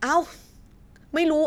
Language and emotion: Thai, frustrated